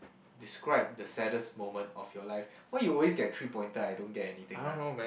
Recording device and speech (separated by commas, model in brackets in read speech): boundary microphone, conversation in the same room